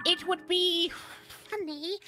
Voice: Funny Voice